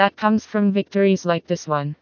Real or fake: fake